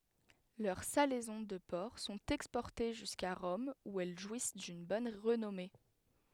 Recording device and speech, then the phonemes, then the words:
headset microphone, read sentence
lœʁ salɛzɔ̃ də pɔʁk sɔ̃t ɛkspɔʁte ʒyska ʁɔm u ɛl ʒwis dyn bɔn ʁənɔme
Leurs salaisons de porc sont exportées jusqu'à Rome où elles jouissent d'une bonne renommée.

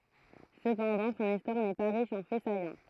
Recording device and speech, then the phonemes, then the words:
throat microphone, read sentence
səpɑ̃dɑ̃ sɔ̃n istwaʁ nɛ pa ʁiʃ ɑ̃ fɛ sajɑ̃
Cependant, son histoire n’est pas riche en faits saillants.

